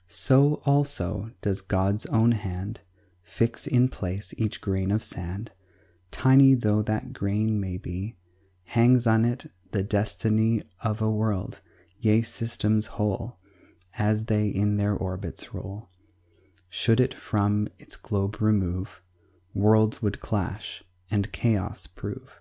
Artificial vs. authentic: authentic